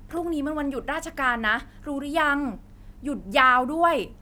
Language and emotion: Thai, frustrated